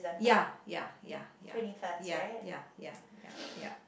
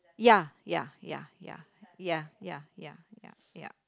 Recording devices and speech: boundary microphone, close-talking microphone, conversation in the same room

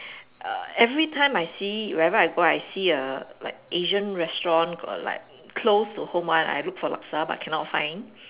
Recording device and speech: telephone, conversation in separate rooms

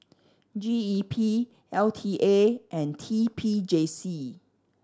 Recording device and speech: standing microphone (AKG C214), read sentence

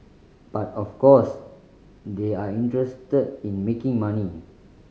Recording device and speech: mobile phone (Samsung C5010), read sentence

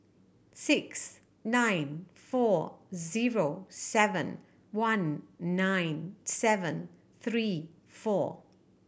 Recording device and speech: boundary microphone (BM630), read sentence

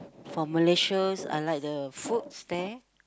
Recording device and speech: close-talking microphone, conversation in the same room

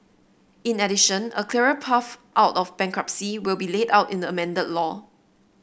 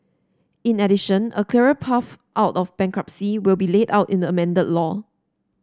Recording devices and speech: boundary microphone (BM630), standing microphone (AKG C214), read sentence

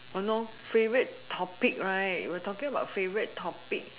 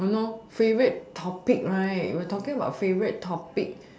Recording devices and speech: telephone, standing microphone, conversation in separate rooms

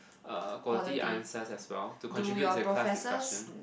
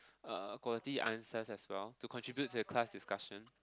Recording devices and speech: boundary microphone, close-talking microphone, conversation in the same room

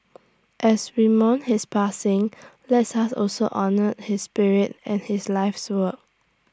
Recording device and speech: standing microphone (AKG C214), read sentence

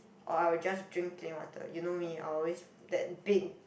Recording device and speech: boundary microphone, conversation in the same room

